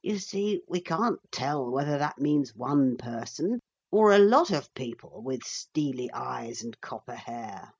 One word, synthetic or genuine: genuine